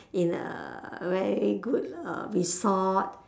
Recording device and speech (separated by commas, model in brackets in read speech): standing microphone, conversation in separate rooms